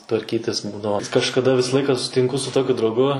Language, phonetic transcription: Lithuanian, tvarˈkytis ˈbūdavo kažkaˈda ˈvisa ˈlaika susitinˈku su ˈtokiu drauˈgu

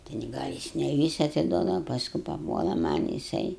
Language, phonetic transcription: Lithuanian, ten ˈgal' jis ne ˈvysa atiˈduodava pasˈku paˈpuola ˈman' jiˈsai

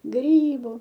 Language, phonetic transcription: Lithuanian, ˈgrybu

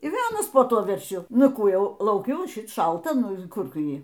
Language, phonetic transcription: Lithuanian, ir ˈvėl ˈanas po ˈtuo verˈšiu ˈnu ˈkų ˈjau lauˈkiu o ˈšit ˈšalta ˈnu ˈkur ˈtu ˈjį

